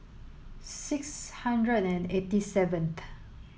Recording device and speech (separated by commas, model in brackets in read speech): mobile phone (Samsung S8), read sentence